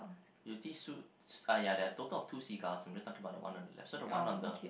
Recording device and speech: boundary microphone, conversation in the same room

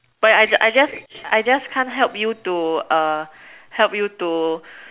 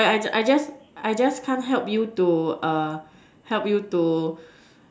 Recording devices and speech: telephone, standing microphone, conversation in separate rooms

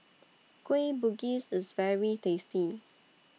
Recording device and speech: mobile phone (iPhone 6), read sentence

